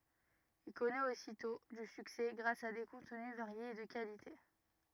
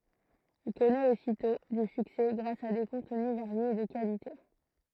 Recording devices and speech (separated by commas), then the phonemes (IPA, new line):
rigid in-ear microphone, throat microphone, read sentence
il kɔnɛt ositɔ̃ dy syksɛ ɡʁas a de kɔ̃tny vaʁjez e də kalite